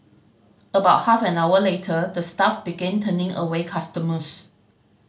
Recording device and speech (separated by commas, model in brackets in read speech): mobile phone (Samsung C5010), read sentence